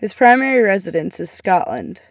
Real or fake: real